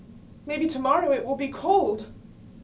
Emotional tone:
fearful